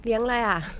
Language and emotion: Thai, neutral